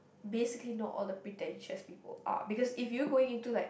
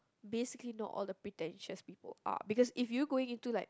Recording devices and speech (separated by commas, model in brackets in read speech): boundary microphone, close-talking microphone, conversation in the same room